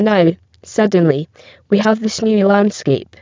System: VC, spectral filtering